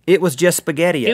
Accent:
southern accent